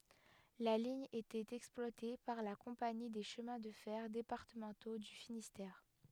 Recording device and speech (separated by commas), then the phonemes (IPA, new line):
headset microphone, read sentence
la liɲ etɛt ɛksplwate paʁ la kɔ̃pani de ʃəmɛ̃ də fɛʁ depaʁtəmɑ̃to dy finistɛʁ